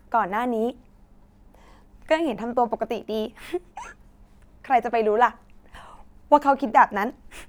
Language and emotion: Thai, happy